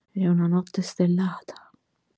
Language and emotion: Italian, sad